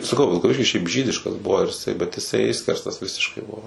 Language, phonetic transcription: Lithuanian, saˈkau vilkaˈviškis šiaip ˈžydiškas ˈbuvo ir iˈsai bet iˈsai ˈišskerstas ˈvisiškai ˈbuvo

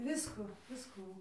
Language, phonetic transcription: Lithuanian, ˈvisku ˈviskų

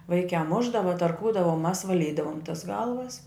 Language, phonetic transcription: Lithuanian, ˈvaikiā ˈmušdava tarˈkūdava u mas vaˈlydavom tas ˈgalvas

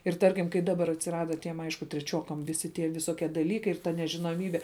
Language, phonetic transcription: Lithuanian, ir ˈtarkim kai ˈdabar atsiˈrada tiem ˈaišku treˈčiuokam ˈvisi tie viˈsokie daˈlykai ir ta nežinoˈmybe

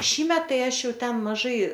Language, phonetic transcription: Lithuanian, ˈšįmet ˈtai ˈaš ˈjau ˈten maˈžai

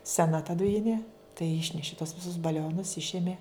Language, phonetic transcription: Lithuanian, seˈna ta duˈjinė tai ˈišneši tos ˈvisus baˈlionus ˈišemė

